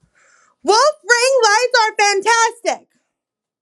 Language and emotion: English, disgusted